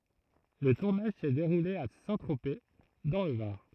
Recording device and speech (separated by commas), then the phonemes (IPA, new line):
throat microphone, read sentence
lə tuʁnaʒ sɛ deʁule a sɛ̃tʁope dɑ̃ lə vaʁ